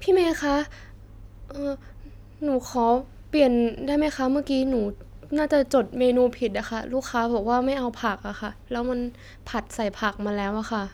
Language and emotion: Thai, sad